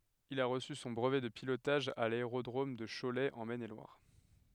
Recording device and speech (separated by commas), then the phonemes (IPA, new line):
headset microphone, read sentence
il a ʁəsy sɔ̃ bʁəvɛ də pilotaʒ a laeʁodʁom də ʃolɛ ɑ̃ mɛn e lwaʁ